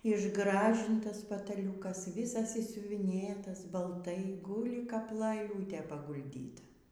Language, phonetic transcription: Lithuanian, išˈgražintas pataˈliūkas ˈvisas išsiuviˈnėtas balˈtai ˈgūli kap laˈliūtė pagulˈdyta

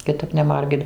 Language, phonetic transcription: Lithuanian, kiˈtap neˈmargid

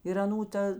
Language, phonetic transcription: Lithuanian, ir aˈnų ˈta

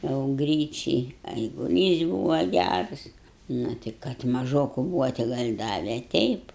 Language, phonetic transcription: Lithuanian, jau ˈgryčiai eiguˈlys ˈbūva ˈgæras ˈnu ti kad maˈžoku ˈbūva ti ˈgal' ˈdave ˈteip

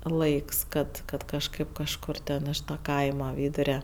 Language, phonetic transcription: Lithuanian, ˈlaiks ˈkad kad kažˈkaip kažˈkur ten iš ta ˈkaima ˈvydure

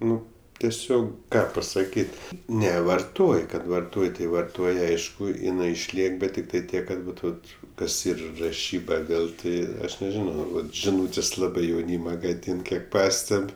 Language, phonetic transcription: Lithuanian, ˈnu teˈsiog ˈką pasaˈkyt' ˈne varˈtoj kad varˈtoj ti varˈtoj ˈaišku iˈnai išˈliek ˈbet tikˈtai ˈtiek kad ˈvat ˈvat ˈkas ˈyr raˈšyba ˈvėl ˈti ˈaš neˈžinau ˈvat žiˈnūtės' ˈlabɜ jauˈnyma gaˈdyn ˈkiek ˈpasteb'

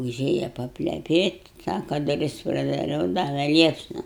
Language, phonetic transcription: Lithuanian, uˈžėja papleˈpėt' ˈsaka duˈris pradaˈriau ˈdave ˈliepsna

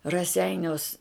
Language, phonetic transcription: Lithuanian, raˈseinios

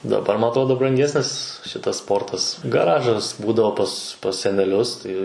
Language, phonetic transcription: Lithuanian, daˈbar maˈtau daug branˈgesnis ˈšitas ˈsportas gaˈražas ˈbūdavo pas pas seneˈlius ˈtai

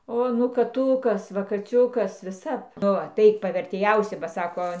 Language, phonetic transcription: Lithuanian, ˈo nu kaˈtukas ˈva kaˈciukas viˈsap ˈnu aˈtaik pavertėˈjausi ba ˈsako

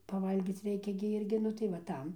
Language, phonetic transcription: Lithuanian, paˈvalgyc ˈreikia gi ˈirgi ˈnu tai va ˈtam

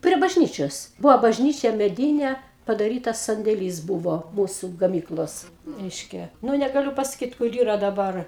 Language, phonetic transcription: Lithuanian, prie bažˈnyčios ˈbuvo bažˈnyčia meˈdyne padaˈrytas sandėˈlys ˈbuvo ˈmūsu gaˈmyklos ˈreiškia ˈnu negaˈliu pasaˈkyt kur ˈyra daˈbar

